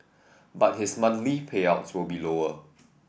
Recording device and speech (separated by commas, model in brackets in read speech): boundary microphone (BM630), read sentence